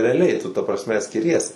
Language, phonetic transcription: Lithuanian, reaˈliai tu ta prasˈme skiˈries

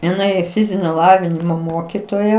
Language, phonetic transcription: Lithuanian, iˈnai ˈfizinio ˈlavinimo ˈmokitoja

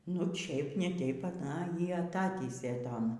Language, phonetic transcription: Lithuanian, nu ˈčeip ne ˈteip aˈna ˈjį aˈtatįsė ˈton

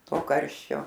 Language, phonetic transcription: Lithuanian, ˈto ˈkarščio

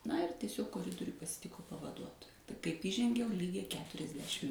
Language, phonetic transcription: Lithuanian, na ir tieˈsiog koˈridoriuj pasiˈtiku pavaˈduotoja kaip įˈžengiau ˈlygiai keturiasˈdešim

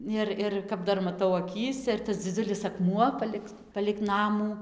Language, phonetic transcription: Lithuanian, ˈir ˈir kap ˈdar maˈtau aˈkyse ir tas dziˈdziulis akˈmuo ˈpalig palig ˈnamų

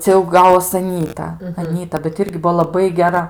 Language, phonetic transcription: Lithuanian, ˈcia jau ˈgavos aˈnyta aˈnyta bet ˈirgi ˈbuo laˈbai geˈra

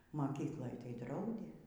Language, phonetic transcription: Lithuanian, maˈkykloj tai ˈdraudė

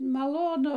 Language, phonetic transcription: Lithuanian, maˈlonu

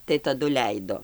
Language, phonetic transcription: Lithuanian, tai taˈdu ˈleido

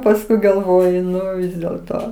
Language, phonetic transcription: Lithuanian, pasˈkui galˈvoju ˈnu dėl ˈto

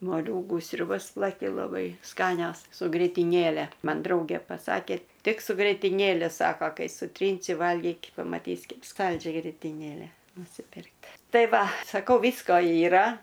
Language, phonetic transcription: Lithuanian, moˈliūgų sriuˈbas plaˈki laˈbai ˈskanios su grėtiˈnėle ˈman ˈdraugė paˈsakė ˈtik su grėtiˈnėle ˈsako ˈkai suˈtrynsi ˈvalgyk' pamaˈtys' ˈkep ˈskaldžia grėtiˈnėle nusiˈpirkt' ˈtai ˈva saˈkau ˈvysko yˈra

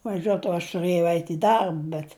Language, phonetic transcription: Lithuanian, vaˈžiuot o aš tuˈrɘjau ˈeit i ˈdarb bet

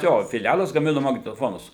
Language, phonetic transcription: Lithuanian, ˈjo fiˈlælas gaˈminu magnetoˈfonus

